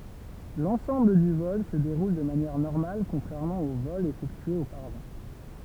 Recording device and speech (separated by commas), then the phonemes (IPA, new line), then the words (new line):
temple vibration pickup, read sentence
lɑ̃sɑ̃bl dy vɔl sə deʁul də manjɛʁ nɔʁmal kɔ̃tʁɛʁmɑ̃ o vɔlz efɛktyez opaʁavɑ̃
L'ensemble du vol se déroule de manière normale contrairement aux vols effectués auparavant.